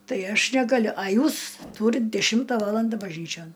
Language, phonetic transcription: Lithuanian, ˈtai ˈaš negaˈliu a ˈjūs ˈtūrit ˈdešimta ˈvalanda bažˈnyčion

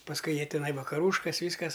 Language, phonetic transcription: Lithuanian, pasˈkui ˈjie ˈtinai vakaˈrūškas ˈvyskas

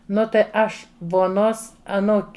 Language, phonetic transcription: Lithuanian, ˈnu tai ˈaš voˈnos aˈnūk'

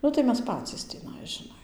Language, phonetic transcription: Lithuanian, ˈnu tai ˈmes ˈpacys tįˈnai žiˈnai

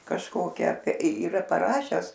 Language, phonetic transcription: Lithuanian, kažˈkokia yˈra paˈrašes

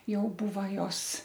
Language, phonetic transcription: Lithuanian, ˈjau ˈbūva ˈjos

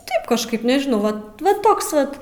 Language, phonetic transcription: Lithuanian, ˈtaip kažˈkaip nežiˈnau ˈ va ˈva ˈtoks ˈvat

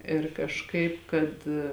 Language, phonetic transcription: Lithuanian, ir kažˈkaip kad

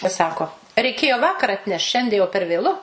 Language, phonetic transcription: Lithuanian, i ˈsako reiˈkėjo ˈvakar atˈnešt ˈšiandie jau per vėˈlu

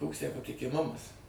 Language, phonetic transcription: Lithuanian, ˈkoks tę patikiˈmumas

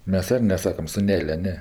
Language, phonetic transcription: Lithuanian, ˈmes ˈir neˈsakam suˈnelio ˈne

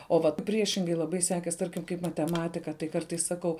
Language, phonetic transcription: Lithuanian, o ˈvat ˈpriešingai laˈbai ˈsekės ˈtarkim kaip mateˈmatika tai ˈkartais saˈkau

